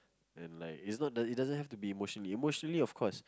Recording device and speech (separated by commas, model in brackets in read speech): close-talking microphone, conversation in the same room